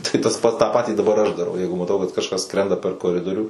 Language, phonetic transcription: Lithuanian, tai tas ˈpats tą ˈpatį daˈbar aš daˈrau ˈjeigu maˈtau kad kažˈkas ˈskrenda per koˈridorių

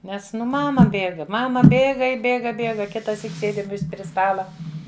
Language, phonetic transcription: Lithuanian, ˈnes ˈnu ˈmama ˈbėga ˈmama ˈbėga i ˈbėga ˈbėga kitaˈsyk ˈsėdim ˈvis' pri ˈstala

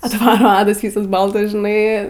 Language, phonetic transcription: Lithuanian, atˈvaro ˈadas ˈvysas ˈbaltas žiˈnai

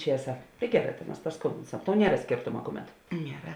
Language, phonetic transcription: Lithuanian, ˈčiesa tai ˈgeˌrā ta mas pasˈkumbinsam tau ˈniera ˈskėrtoma ˈkuˌmet nieˈra

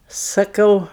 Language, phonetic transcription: Lithuanian, saˈkau

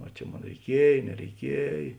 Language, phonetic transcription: Lithuanian, a ˈčia ˈmon reiˈkiej nereiˈkiej

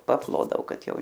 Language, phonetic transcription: Lithuanian, paˈplodavo ˈkad ˈjau

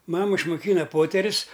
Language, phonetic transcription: Lithuanian, ˈmama išmuˈkyna ˈpoterius

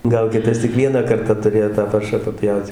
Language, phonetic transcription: Lithuanian, ˈgal ˈkitas tik ˈvieną ˈkarta tuˈrėjo tą ˈparšą paˈpjaut

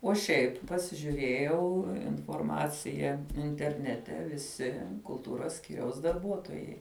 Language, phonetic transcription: Lithuanian, o ˈšiaip pasižiuˈrėjau inforˈmacija interˈnete viˈsi kulˈtūros ˈskyriaus darˈbuotojai

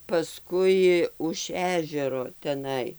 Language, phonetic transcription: Lithuanian, paˈskui už ˈežero teˈnai

